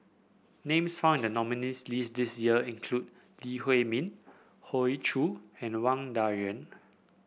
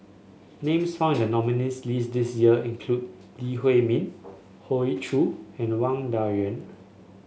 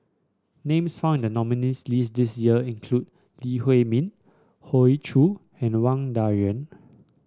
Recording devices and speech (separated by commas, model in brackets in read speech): boundary microphone (BM630), mobile phone (Samsung S8), standing microphone (AKG C214), read sentence